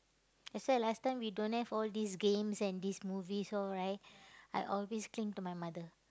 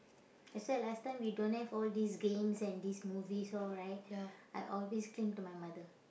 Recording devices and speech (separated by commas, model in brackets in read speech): close-talking microphone, boundary microphone, conversation in the same room